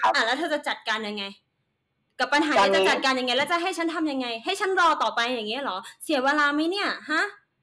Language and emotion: Thai, angry